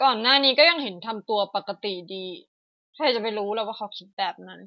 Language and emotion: Thai, frustrated